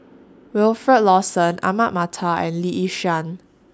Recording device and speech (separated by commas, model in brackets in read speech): standing microphone (AKG C214), read sentence